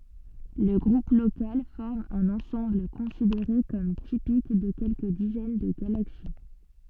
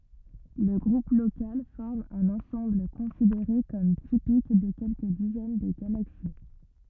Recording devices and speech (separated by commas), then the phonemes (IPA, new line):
soft in-ear microphone, rigid in-ear microphone, read sentence
lə ɡʁup lokal fɔʁm œ̃n ɑ̃sɑ̃bl kɔ̃sideʁe kɔm tipik də kɛlkə dizɛn də ɡalaksi